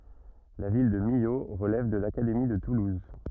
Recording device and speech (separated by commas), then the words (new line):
rigid in-ear microphone, read sentence
La ville de Millau relève de l'Académie de Toulouse.